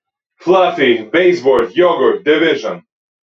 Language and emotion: English, surprised